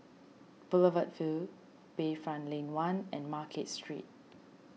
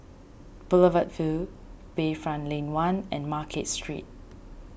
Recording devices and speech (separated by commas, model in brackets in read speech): mobile phone (iPhone 6), boundary microphone (BM630), read sentence